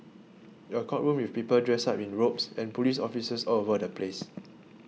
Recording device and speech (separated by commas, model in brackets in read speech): mobile phone (iPhone 6), read sentence